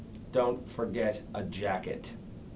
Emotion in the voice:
neutral